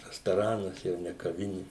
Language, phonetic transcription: Lithuanian, rastoˈranas jau ne kaˈvini

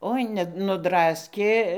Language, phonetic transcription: Lithuanian, ˈoi ne nudˈraskė

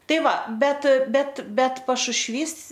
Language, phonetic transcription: Lithuanian, ˈtai ˈva ˈbet ˈbet ˈbet pašušˈvys

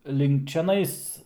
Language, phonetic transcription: Lithuanian, link čiaˈnais

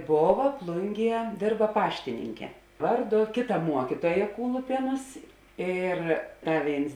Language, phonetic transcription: Lithuanian, ˈbova ˈplunˌgie ˈdėrba ˈpaštininke ˈvarˌdu ˈkėˌta ˈmuokytuoja ˈkūlupienus ˈyr ˈta ˈvėins

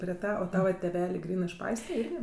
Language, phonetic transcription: Lithuanian, prie ˈtą o ˈtava tėˈvelė ˈgrynɜ iš ˈpaistre ˈirgi

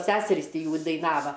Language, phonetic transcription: Lithuanian, ˈseserys ˈti ˈjų daiˈnava

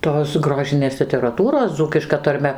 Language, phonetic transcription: Lithuanian, ˈtos ˈgrožinės literaˈtūros ˈdzūkiška tarˈme

